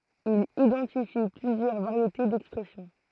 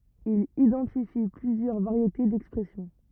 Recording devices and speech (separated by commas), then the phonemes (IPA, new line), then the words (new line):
throat microphone, rigid in-ear microphone, read sentence
il idɑ̃tifi plyzjœʁ vaʁjete dɛkspʁɛsjɔ̃
Il identifie plusieurs variétés d'expression.